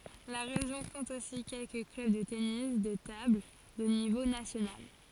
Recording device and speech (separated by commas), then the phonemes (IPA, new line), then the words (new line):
forehead accelerometer, read sentence
la ʁeʒjɔ̃ kɔ̃t osi kɛlkə klœb də tenis də tabl də nivo nasjonal
La région compte aussi quelques clubs de tennis de table de niveau national.